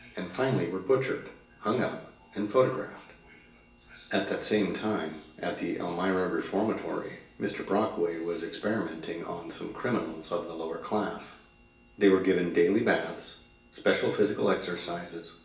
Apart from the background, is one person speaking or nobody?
One person.